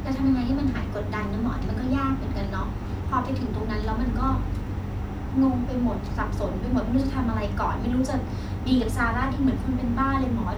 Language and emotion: Thai, frustrated